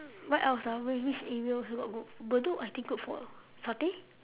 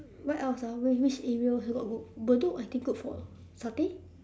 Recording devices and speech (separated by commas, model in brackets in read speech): telephone, standing microphone, conversation in separate rooms